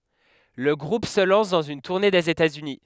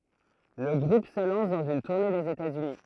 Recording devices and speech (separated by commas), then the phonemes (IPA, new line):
headset microphone, throat microphone, read sentence
lə ɡʁup sə lɑ̃s dɑ̃z yn tuʁne dez etatsyni